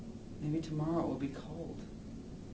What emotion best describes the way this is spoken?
sad